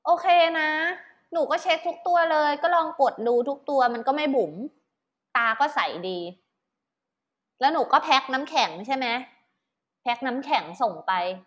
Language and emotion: Thai, neutral